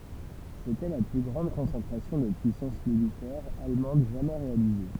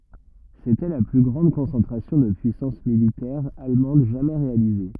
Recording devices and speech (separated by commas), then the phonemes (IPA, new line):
temple vibration pickup, rigid in-ear microphone, read sentence
setɛ la ply ɡʁɑ̃d kɔ̃sɑ̃tʁasjɔ̃ də pyisɑ̃s militɛʁ almɑ̃d ʒamɛ ʁealize